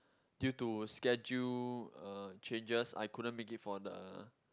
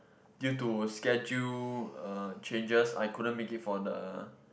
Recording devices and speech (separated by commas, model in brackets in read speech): close-talking microphone, boundary microphone, conversation in the same room